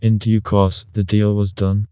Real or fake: fake